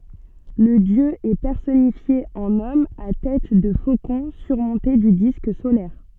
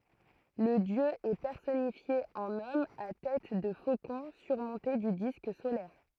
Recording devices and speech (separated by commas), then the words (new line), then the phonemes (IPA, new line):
soft in-ear microphone, throat microphone, read sentence
Le dieu est personnifié en homme à tête de faucon surmonté du disque solaire.
lə djø ɛ pɛʁsɔnifje ɑ̃n ɔm a tɛt də fokɔ̃ syʁmɔ̃te dy disk solɛʁ